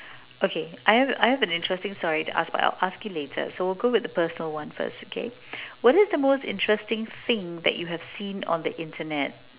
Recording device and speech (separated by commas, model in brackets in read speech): telephone, conversation in separate rooms